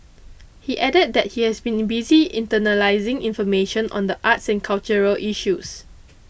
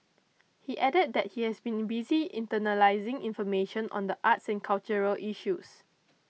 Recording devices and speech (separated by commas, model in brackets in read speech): boundary microphone (BM630), mobile phone (iPhone 6), read sentence